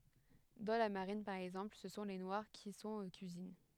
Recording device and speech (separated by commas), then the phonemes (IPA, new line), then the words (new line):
headset microphone, read sentence
dɑ̃ la maʁin paʁ ɛɡzɑ̃pl sə sɔ̃ le nwaʁ ki sɔ̃t o kyizin
Dans la marine, par exemple, ce sont les Noirs qui sont aux cuisines.